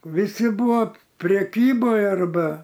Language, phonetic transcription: Lithuanian, viˈsi ˈbūvo preˈkyboj arˈba

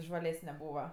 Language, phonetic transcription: Lithuanian, žvaˈlesne ˈbūva

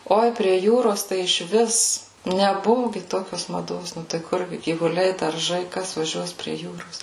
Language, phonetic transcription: Lithuanian, ˈoi prie ˈjūros tai išˈvis neˈbuvu ˈgi ˈtokios maˈdos ˈnu tai ˈkur gi gyvuˈliai darˈžai ˈkas vaˈžiuos prie ˈjūros

